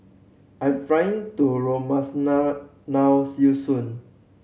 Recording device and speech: mobile phone (Samsung C7100), read sentence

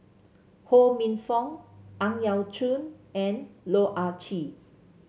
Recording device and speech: mobile phone (Samsung C7), read sentence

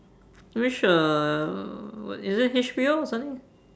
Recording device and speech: standing microphone, conversation in separate rooms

